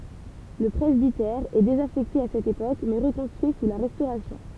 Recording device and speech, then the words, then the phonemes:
temple vibration pickup, read sentence
Le presbytère est désaffecté à cette époque, mais reconstruit sous la Restauration.
lə pʁɛzbitɛʁ ɛ dezafɛkte a sɛt epok mɛ ʁəkɔ̃stʁyi su la ʁɛstoʁasjɔ̃

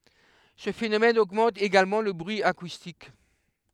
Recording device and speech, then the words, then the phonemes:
headset microphone, read sentence
Ce phénomène augmente également le bruit acoustique.
sə fenomɛn oɡmɑ̃t eɡalmɑ̃ lə bʁyi akustik

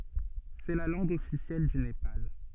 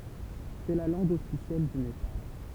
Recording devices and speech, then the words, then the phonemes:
soft in-ear microphone, temple vibration pickup, read sentence
C'est la langue officielle du Népal.
sɛ la lɑ̃ɡ ɔfisjɛl dy nepal

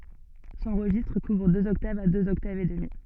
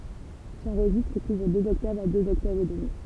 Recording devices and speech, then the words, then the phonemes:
soft in-ear microphone, temple vibration pickup, read sentence
Son registre couvre deux octaves à deux octaves et demie.
sɔ̃ ʁəʒistʁ kuvʁ døz ɔktavz a døz ɔktavz e dəmi

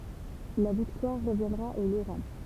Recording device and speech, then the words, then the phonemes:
temple vibration pickup, read sentence
La victoire reviendra aux Lorrains.
la viktwaʁ ʁəvjɛ̃dʁa o loʁɛ̃

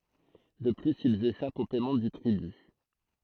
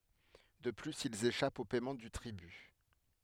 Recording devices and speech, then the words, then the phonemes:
throat microphone, headset microphone, read sentence
De plus, ils échappent au paiement du tribut.
də plyz ilz eʃapt o pɛmɑ̃ dy tʁiby

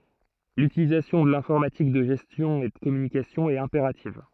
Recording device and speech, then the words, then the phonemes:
throat microphone, read sentence
L'utilisation de l'informatique de gestion et de communication est impérative.
lytilizasjɔ̃ də lɛ̃fɔʁmatik də ʒɛstjɔ̃ e də kɔmynikasjɔ̃ ɛt ɛ̃peʁativ

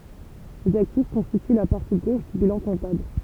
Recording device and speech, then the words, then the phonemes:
temple vibration pickup, read sentence
Les actifs constituent la partie gauche du bilan comptable.
lez aktif kɔ̃stity la paʁti ɡoʃ dy bilɑ̃ kɔ̃tabl

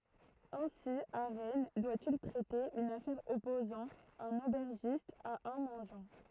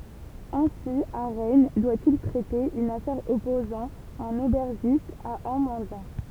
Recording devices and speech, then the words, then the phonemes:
throat microphone, temple vibration pickup, read sentence
Ainsi à Rennes, doit-il traiter une affaire opposant un aubergiste à un mendiant.
ɛ̃si a ʁɛn dwa il tʁɛte yn afɛʁ ɔpozɑ̃ œ̃n obɛʁʒist a œ̃ mɑ̃djɑ̃

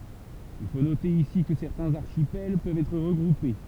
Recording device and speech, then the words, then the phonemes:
temple vibration pickup, read sentence
Il faut noter ici que certains archipels peuvent être regroupés.
il fo note isi kə sɛʁtɛ̃z aʁʃipɛl pøvt ɛtʁ ʁəɡʁupe

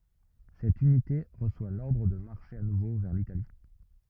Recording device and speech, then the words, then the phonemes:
rigid in-ear microphone, read sentence
Cette unité reçoit l'ordre de marcher à nouveau vers l'Italie.
sɛt ynite ʁəswa lɔʁdʁ də maʁʃe a nuvo vɛʁ litali

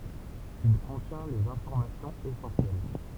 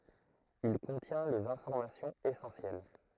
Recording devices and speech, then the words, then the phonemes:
temple vibration pickup, throat microphone, read sentence
Il contient les informations essentielles.
il kɔ̃tjɛ̃ lez ɛ̃fɔʁmasjɔ̃z esɑ̃sjɛl

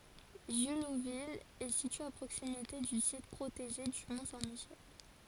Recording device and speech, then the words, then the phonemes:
forehead accelerometer, read sentence
Jullouville est située à proximité du site protégé du mont Saint-Michel.
ʒyluvil ɛ sitye a pʁoksimite dy sit pʁoteʒe dy mɔ̃ sɛ̃ miʃɛl

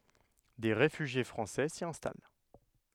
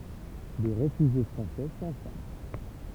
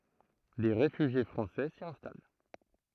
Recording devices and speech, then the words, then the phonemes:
headset microphone, temple vibration pickup, throat microphone, read sentence
Des réfugiés français s'y installent.
de ʁefyʒje fʁɑ̃sɛ si ɛ̃stal

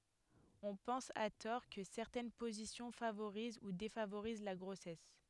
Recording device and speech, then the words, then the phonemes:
headset microphone, read sentence
On pense à tort que certaines positions favorisent ou défavorisent la grossesse.
ɔ̃ pɑ̃s a tɔʁ kə sɛʁtɛn pozisjɔ̃ favoʁiz u defavoʁiz la ɡʁosɛs

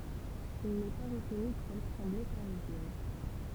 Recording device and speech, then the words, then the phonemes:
temple vibration pickup, read sentence
Il n'est pas retenu pour l'Assemblée parisienne.
il nɛ pa ʁətny puʁ lasɑ̃ble paʁizjɛn

